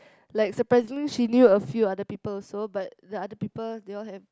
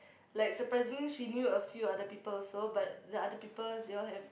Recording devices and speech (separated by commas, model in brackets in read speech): close-talking microphone, boundary microphone, conversation in the same room